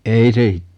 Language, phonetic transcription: Finnish, 'ei se i - ,.
- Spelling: ei se

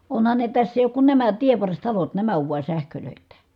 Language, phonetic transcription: Finnish, onhan ne täss ‿èi ook kun nämä tievvarstalot nämä ov vua sähkölö̀ittä .
- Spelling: onhan ne tässä ei ole kuin nämä tienvarsitalot nämä on vain sähköittä

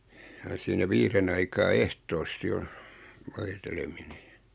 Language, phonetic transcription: Finnish, ja siinä 'viiren ‿aikaa 'ehtoosti on̬ , 'voitelemine .
- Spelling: ja siinä viiden aikaan ehtoosti on voiteleminen

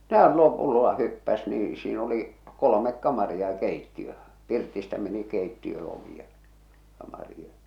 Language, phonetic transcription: Finnish, no 'hän 'lopullo̳a "hyppäs nii , siin ‿oli , 'kolomek 'kamaria ʲᵃ 'keittiö , 'pirtistä meni 'keittiö ovi ja , kamari ja .
- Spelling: no hän lopulta hyppäsi niin siinä oli kolme kamaria ja keittiö pirtistä meni keittiön ovi ja kamari ja

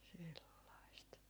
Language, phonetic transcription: Finnish, sellaist .
- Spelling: sellaista

